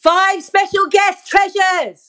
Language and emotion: English, sad